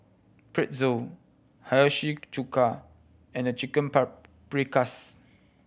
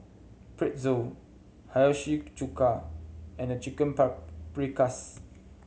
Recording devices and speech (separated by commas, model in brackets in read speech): boundary microphone (BM630), mobile phone (Samsung C7100), read sentence